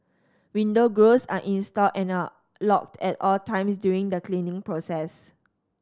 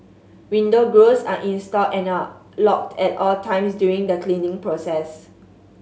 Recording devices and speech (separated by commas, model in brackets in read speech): standing microphone (AKG C214), mobile phone (Samsung S8), read sentence